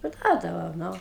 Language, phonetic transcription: Lithuanian, parˈduodavau ˈnu

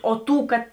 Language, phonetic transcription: Lithuanian, o ˈtų kad

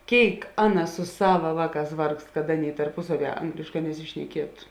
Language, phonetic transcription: Lithuanian, ˈkėik ˈaˌna su ˈsava ˈvāˌkās ˈvargst kad ˈaˌnėi tarˈpusaˌvie ˈanglėšˌkā nesišneˈkietu

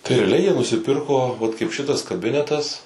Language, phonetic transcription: Lithuanian, tai reaˈliai jie nusiˈpirko vat kaip ˈšitas kaˈbinetas

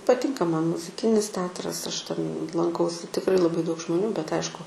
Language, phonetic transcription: Lithuanian, paˈtinka ˈman muziˈkinis ˈteatras ˈaš ten lanˈkausi tikˈrai laˈbai daug žmoˈnių bet ˈaišku

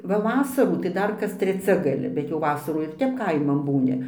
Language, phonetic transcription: Lithuanian, va ˈvasarų tai ˈdar kas treˈcia gaˈli bet jau ˈvasarų ir ˈtep ˈkaiman ˈbūni

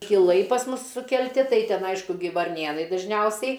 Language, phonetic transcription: Lithuanian, kiˈlai pas ˈmus sukelˈti ˈtai ˈten ˈaišku ˈgi varˈnėnai dažˈniausiai

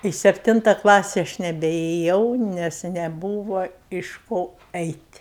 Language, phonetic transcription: Lithuanian, i ˈsepˈtinta ˈklasi ˈaš nebeėˈjau nes neˈbūva iš ˈko ˈeit'

